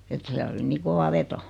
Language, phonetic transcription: Finnish, et 'siäl ‿oli nii 'kova 'veto .
- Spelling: että siellä oli niin kova veto

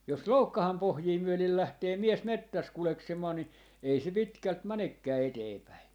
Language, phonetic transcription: Finnish, jos "loukkaham 'pohjii 'myölel 'lähtee 'mies "mettäs 'kuleksimaa ni , 'ei se "pitkält 'mänekkää 'eteepäi .
- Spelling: jos loukkaan pohjia myöden lähtee mies metsässä kuljeksimaan niin ei se pitkälti menekään eteenpäin

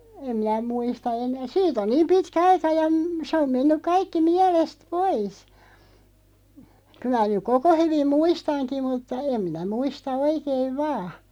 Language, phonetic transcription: Finnish, 'em minä 'muista ene- , 'siit ‿on 'niim "pitkä 'aika ja , 'se om 'mennyk 'kaikki "miälest "pois 'ky(lä mää) nyk "koko 'hyvim "muistaŋki mutta 'em 'minä 'muista "oikeiv 'vaa .
- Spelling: en minä muista - siitä on niin pitkä aika ja se on mennyt kaikki mielestä pois kyllä minä nyt koko hyvin muistankin mutta en minä muista oikein vain

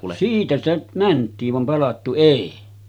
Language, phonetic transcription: Finnish, 'siitä ‿stä 'mänt̆tiiv vam palattu 'èi .
- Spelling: siitä sitä mentiin vaan palattu ei

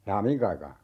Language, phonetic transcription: Finnish, 'jaa "miŋk ‿aikaa ?
- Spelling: jaa mihinkä aikaan

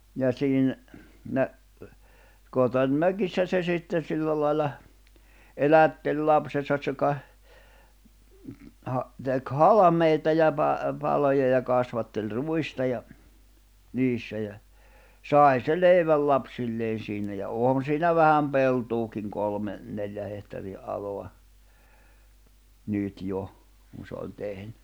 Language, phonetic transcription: Finnish, ja 'siin- , -nä , kotoǹ 'mökissä se sitten̬ 'sillä laila , 'elätteĺ 'lapsesas se ka- , ha- , tek "halᵃmeita ja pa- , paloja ja 'kasvatteĺ 'ruista ja , 'niissä ja , "sài̬ se 'leiväl 'lapsilleen̬ siinä ja 'oon siinä 'vähäm 'peltuukiŋ 'kolme , 'neljä hehtari’ ’aloa , 'nỳt jo , kun se ol tehɴʏ .
- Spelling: ja - siinä kotona mökissä se sitten sillä lailla elätti lapsensa se - - teki halmeita ja - paloja ja kasvatteli ruista ja niissä ja sai se leivän lapsilleen siinä ja on siinä vähän peltoakin kolme neljä hehtaarin alaa nyt jo kun se oli tehnyt

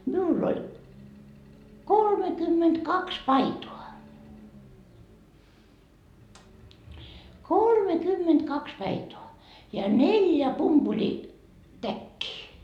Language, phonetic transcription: Finnish, 'miull ‿oĺ , 'kolmekymment"kaks 'paitoa , "kolme"kymmentkaks paitoa , ja "neljä 'pumpuli'täkkii .
- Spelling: minulla oli kolmekymmentäkaksi paitaa kolmekymmentäkaksi paitaa ja neljä pumpulitäkkiä

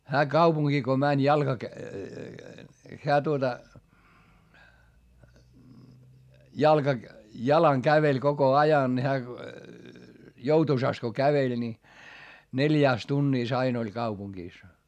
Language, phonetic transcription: Finnish, hää kaupuŋGii ko mäń jalkak- , heä tuota , jalka- , jalaŋ käveĺ koko ajan ni hää , joutusast ko käveĺ ni , neljä̀s tunnìs ‿ain ‿oĺ kaupuŋGiis .
- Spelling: hän kaupunkiin kun meni - hän tuota - jalan käveli koko ajan niin hän joutuisasti kun käveli niin neljässä tunnissa aina oli kaupungissa

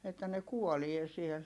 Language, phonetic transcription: Finnish, että ne kuolie siel .
- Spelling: että ne kuolee siellä

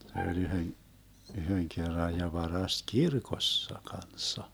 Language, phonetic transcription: Finnish, se oĺ 'yhöŋ , yhöŋ 'kerraj ja 'varast "kirkossa 'kanssa .
- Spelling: se oli yhden yhden kerran ja varasti kirkossa kanssa

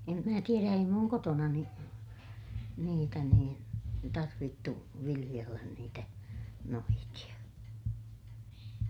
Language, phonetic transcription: Finnish, em mää tierä ei muŋ kotonani , niitä niin , tarvittu , viliʲellän niitä , noitiʲa .
- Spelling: en minä tiedä ei minun kotonani niitä niin tarvittu viljellä niitä noitia

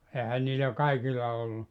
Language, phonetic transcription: Finnish, 'eehän niilä "kaikilla ollu .
- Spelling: eihän niillä kaikilla ollut

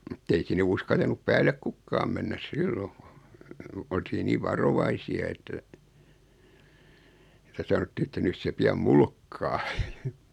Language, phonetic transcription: Finnish, mᵘt't ‿ei sinne 'uskaltanup 'pääl̆le "kukkaam mennäs 'siilo , 'oltii niiv 'varovaisi₍a että , että 'sanottii että » 'nys se 'piam "mulkkaa « .
- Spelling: mutta ei sinne uskaltanut päälle kukaan mennä silloin oltiin niin varovaisia että että sanottiin että nyt se pian mulkkaa

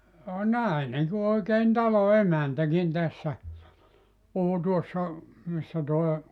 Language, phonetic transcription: Finnish, (o) "nàineŋ ku oikeen 'talo "emäntäkin tässä , 'puhu 'tuossa , missä toe .
- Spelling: on nainen kun oikein talon emäntäkin tässä puhui tuossa missä tuo

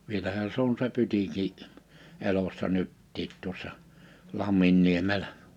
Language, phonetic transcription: Finnish, 'vielähä sᵉ ‿on se 'pytiŋki' , '’elossa 'nyttiit tuossa , 'Lamminniemeĺä .
- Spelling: vielähän se on se pytinki elossa nytkin tuossa Lamminniemellä

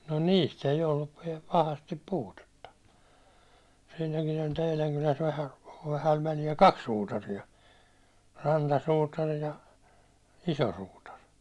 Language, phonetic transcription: Finnish, no "nist ‿ei ollup (pai) 'pahastip 'puutetta , sinäkin oĺ 'teiläŋ kuläs vähä- , vähäv välijä "kaks 'suutarija , "ranta'suutar ja , "iso 'suutar .
- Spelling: no niistä ei ollut - pahasti puutetta siinäkin olit teidän kylässä - vähän väliä kaksi suutareita rantasuutari ja iso suutari

